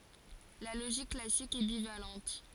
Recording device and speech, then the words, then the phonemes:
forehead accelerometer, read sentence
La logique classique est bivalente.
la loʒik klasik ɛ bivalɑ̃t

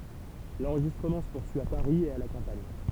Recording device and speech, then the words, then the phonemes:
temple vibration pickup, read sentence
L’enregistrement se poursuit à Paris et à la campagne.
lɑ̃ʁʒistʁəmɑ̃ sə puʁsyi a paʁi e a la kɑ̃paɲ

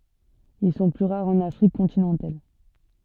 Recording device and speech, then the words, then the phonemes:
soft in-ear microphone, read sentence
Ils sont plus rares en Afrique continentale.
il sɔ̃ ply ʁaʁz ɑ̃n afʁik kɔ̃tinɑ̃tal

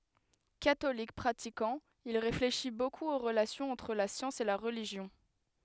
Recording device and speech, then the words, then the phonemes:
headset microphone, read sentence
Catholique pratiquant, il réfléchit beaucoup aux relations entre la science et la religion.
katolik pʁatikɑ̃ il ʁefleʃi bokup o ʁəlasjɔ̃z ɑ̃tʁ la sjɑ̃s e la ʁəliʒjɔ̃

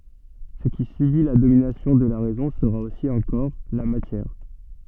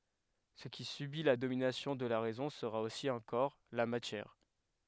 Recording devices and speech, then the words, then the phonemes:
soft in-ear microphone, headset microphone, read sentence
Ce qui subit la domination de la raison sera aussi un corps, la matière.
sə ki sybi la dominasjɔ̃ də la ʁɛzɔ̃ səʁa osi œ̃ kɔʁ la matjɛʁ

